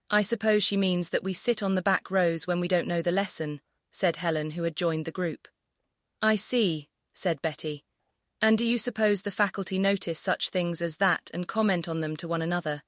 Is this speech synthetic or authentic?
synthetic